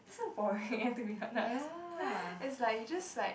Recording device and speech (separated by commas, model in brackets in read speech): boundary microphone, conversation in the same room